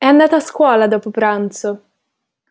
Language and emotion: Italian, neutral